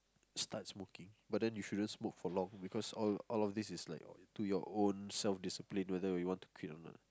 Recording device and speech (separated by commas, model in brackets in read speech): close-talking microphone, conversation in the same room